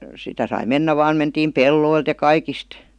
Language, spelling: Finnish, sitä sai mennä vain mentiin pelloilta ja kaikista
- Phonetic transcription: 'sitä sai "mennä vaan 'mentiim "pelloilt ja "kaikist .

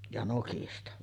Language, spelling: Finnish, ja nokista
- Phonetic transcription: ja 'nokista .

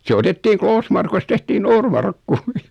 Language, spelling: Finnish, se otettiin Kloosmarkusta tehtiin Noormarkku
- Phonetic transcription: se 'otettiiŋ "Kloosmarkust tehtii "Noormarkku .

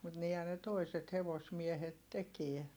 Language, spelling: Finnish, mutta niinhän ne toiset hevosmiehet teki
- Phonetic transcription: mut niihän ne toiset hevosmiehet tekiɛ .

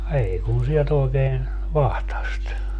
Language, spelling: Finnish, ei kun sieltä oikein vatsasta
- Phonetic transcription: 'ei kun̬ 'sielt ‿oi̮keen , "vahtast .

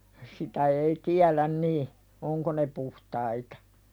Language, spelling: Finnish, sitä ei tiedä niin onko ne puhtaita
- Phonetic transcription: 'sitä ei "tiälän nii , "oŋko ne 'puhtaitᴀ .

